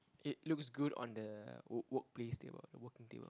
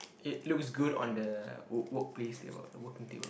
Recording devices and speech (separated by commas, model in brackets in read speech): close-talking microphone, boundary microphone, conversation in the same room